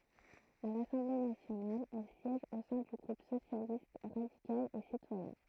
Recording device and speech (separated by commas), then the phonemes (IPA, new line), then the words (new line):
throat microphone, read sentence
a lasɑ̃ble nasjonal ɛl sjɛʒ o sɛ̃ dy ɡʁup sosjalist ʁadikal e sitwajɛ̃
À l’Assemblée nationale, elle siège au sein du groupe Socialiste, radical et citoyen.